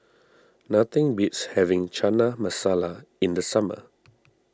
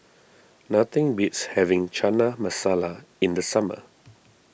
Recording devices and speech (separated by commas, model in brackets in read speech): standing microphone (AKG C214), boundary microphone (BM630), read sentence